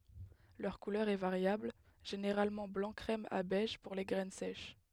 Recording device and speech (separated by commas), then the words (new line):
headset microphone, read sentence
Leur couleur est variable, généralement blanc crème à beige pour les graines sèches.